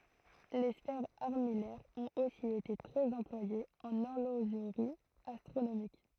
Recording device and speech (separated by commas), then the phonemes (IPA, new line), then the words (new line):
throat microphone, read sentence
le sfɛʁz aʁmijɛʁz ɔ̃t osi ete tʁɛz ɑ̃plwajez ɑ̃n ɔʁloʒʁi astʁonomik
Les sphères armillaires ont aussi été très employées en horlogerie astronomique.